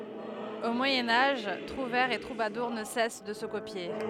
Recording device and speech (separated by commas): headset microphone, read sentence